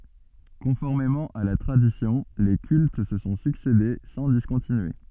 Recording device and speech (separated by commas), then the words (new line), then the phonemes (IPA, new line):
soft in-ear microphone, read sentence
Conformément à la tradition, les cultes se sont succédé sans discontinuer.
kɔ̃fɔʁmemɑ̃ a la tʁadisjɔ̃ le kylt sə sɔ̃ syksede sɑ̃ diskɔ̃tinye